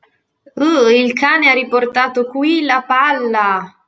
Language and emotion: Italian, disgusted